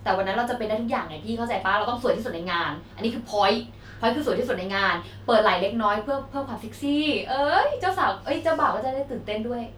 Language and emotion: Thai, happy